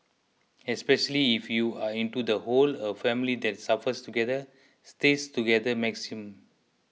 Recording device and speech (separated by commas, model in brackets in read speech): mobile phone (iPhone 6), read sentence